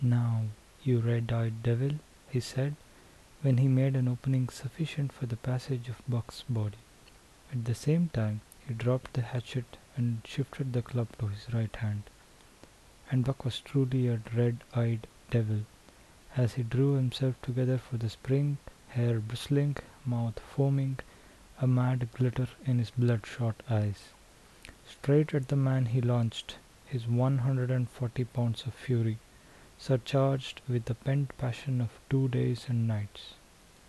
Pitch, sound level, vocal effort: 125 Hz, 72 dB SPL, soft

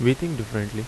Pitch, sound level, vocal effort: 115 Hz, 79 dB SPL, normal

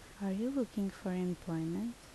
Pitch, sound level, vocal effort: 195 Hz, 73 dB SPL, soft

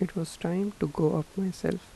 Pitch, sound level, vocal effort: 180 Hz, 78 dB SPL, soft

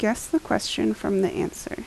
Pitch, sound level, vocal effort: 215 Hz, 76 dB SPL, soft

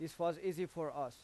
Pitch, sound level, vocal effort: 170 Hz, 91 dB SPL, loud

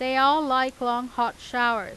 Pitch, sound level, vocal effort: 250 Hz, 95 dB SPL, loud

